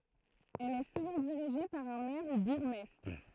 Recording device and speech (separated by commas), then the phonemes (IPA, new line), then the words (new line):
throat microphone, read sentence
ɛl ɛ suvɑ̃ diʁiʒe paʁ œ̃ mɛʁ u buʁɡmɛstʁ
Elle est souvent dirigée par un maire ou bourgmestre.